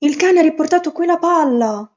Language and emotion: Italian, surprised